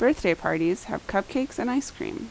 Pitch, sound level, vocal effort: 255 Hz, 80 dB SPL, normal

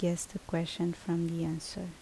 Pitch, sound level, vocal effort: 170 Hz, 71 dB SPL, soft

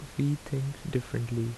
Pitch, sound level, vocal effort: 140 Hz, 75 dB SPL, soft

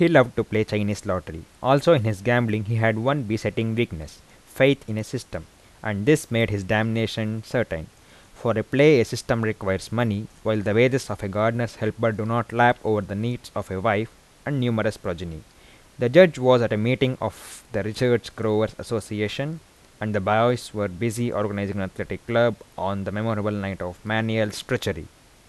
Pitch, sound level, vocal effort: 110 Hz, 84 dB SPL, normal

